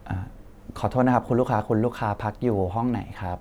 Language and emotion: Thai, neutral